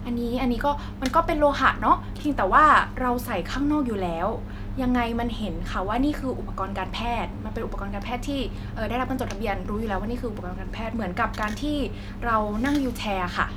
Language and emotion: Thai, neutral